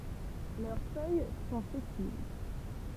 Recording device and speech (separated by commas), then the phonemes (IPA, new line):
temple vibration pickup, read sentence
lœʁ fœj sɔ̃ sɛsil